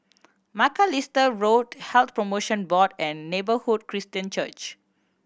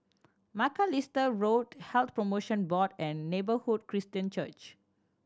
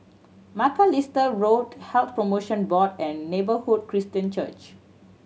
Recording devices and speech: boundary microphone (BM630), standing microphone (AKG C214), mobile phone (Samsung C7100), read sentence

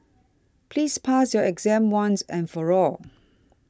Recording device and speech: standing microphone (AKG C214), read sentence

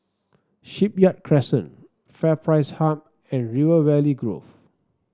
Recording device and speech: standing microphone (AKG C214), read sentence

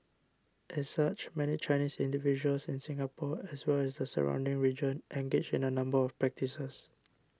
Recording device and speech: standing microphone (AKG C214), read sentence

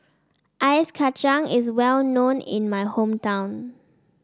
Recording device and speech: standing microphone (AKG C214), read sentence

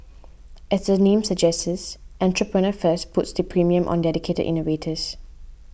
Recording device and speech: boundary microphone (BM630), read sentence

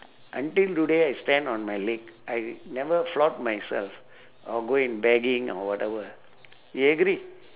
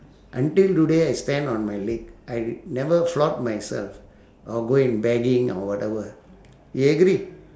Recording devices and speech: telephone, standing microphone, conversation in separate rooms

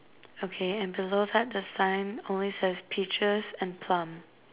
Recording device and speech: telephone, conversation in separate rooms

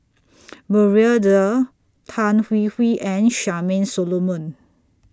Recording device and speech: standing microphone (AKG C214), read sentence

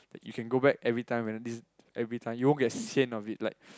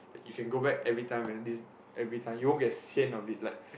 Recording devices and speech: close-talking microphone, boundary microphone, conversation in the same room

